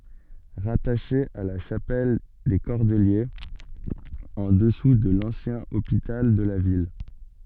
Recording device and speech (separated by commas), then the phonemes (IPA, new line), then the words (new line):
soft in-ear microphone, read sentence
ʁataʃe a la ʃapɛl de kɔʁdəljez ɑ̃ dəsu də lɑ̃sjɛ̃ opital də la vil
Rattaché à la chapelle des cordeliers, en dessous de l'ancien Hôpital de la ville.